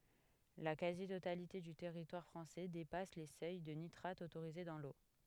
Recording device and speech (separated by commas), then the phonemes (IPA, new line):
headset microphone, read sentence
la kazi totalite dy tɛʁitwaʁ fʁɑ̃sɛ depas le sœj də nitʁat otoʁize dɑ̃ lo